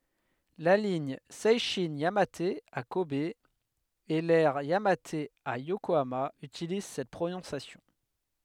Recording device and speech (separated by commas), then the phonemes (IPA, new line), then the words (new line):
headset microphone, read sentence
la liɲ sɛʃɛ̃ jamat a kɔb e lɛʁ jamat a jokoama ytiliz sɛt pʁonɔ̃sjasjɔ̃
La ligne Seishin-Yamate à Kobe et l'aire Yamate à Yokohama utilisent cette prononciation.